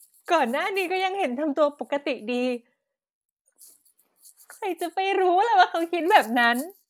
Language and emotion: Thai, sad